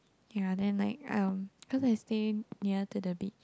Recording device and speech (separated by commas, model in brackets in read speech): close-talking microphone, conversation in the same room